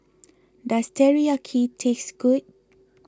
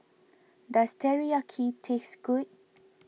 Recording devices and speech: close-talking microphone (WH20), mobile phone (iPhone 6), read sentence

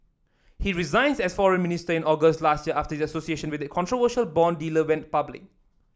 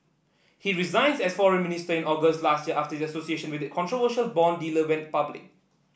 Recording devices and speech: standing microphone (AKG C214), boundary microphone (BM630), read sentence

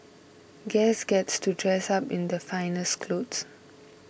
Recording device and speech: boundary microphone (BM630), read sentence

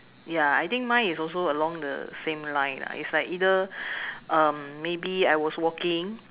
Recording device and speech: telephone, conversation in separate rooms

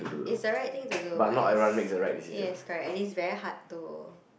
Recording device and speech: boundary microphone, conversation in the same room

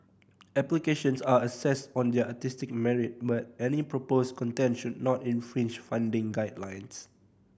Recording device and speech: boundary microphone (BM630), read sentence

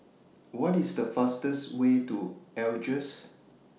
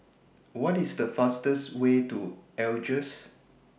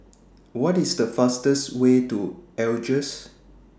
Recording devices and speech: mobile phone (iPhone 6), boundary microphone (BM630), standing microphone (AKG C214), read sentence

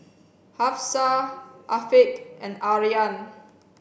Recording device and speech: boundary microphone (BM630), read sentence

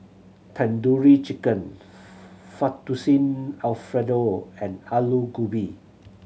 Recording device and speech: mobile phone (Samsung C7100), read sentence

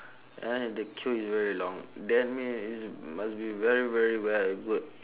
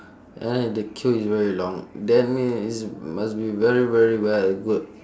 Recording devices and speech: telephone, standing microphone, conversation in separate rooms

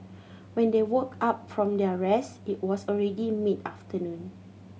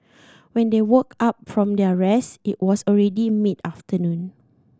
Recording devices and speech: mobile phone (Samsung C7100), standing microphone (AKG C214), read sentence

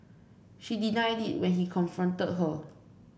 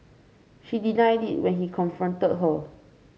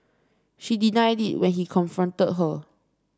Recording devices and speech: boundary microphone (BM630), mobile phone (Samsung C5), standing microphone (AKG C214), read sentence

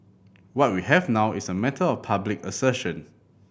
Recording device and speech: boundary microphone (BM630), read sentence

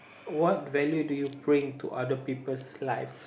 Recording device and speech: boundary microphone, conversation in the same room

